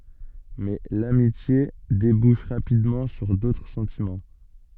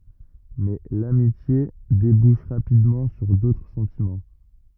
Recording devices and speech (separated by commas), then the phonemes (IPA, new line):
soft in-ear microphone, rigid in-ear microphone, read sentence
mɛ lamitje debuʃ ʁapidmɑ̃ syʁ dotʁ sɑ̃timɑ̃